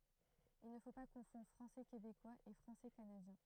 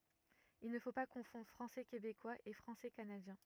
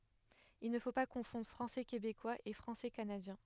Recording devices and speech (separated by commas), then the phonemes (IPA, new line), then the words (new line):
throat microphone, rigid in-ear microphone, headset microphone, read sentence
il nə fo pa kɔ̃fɔ̃dʁ fʁɑ̃sɛ kebekwaz e fʁɑ̃sɛ kanadjɛ̃
Il ne faut pas confondre français québécois et français canadien.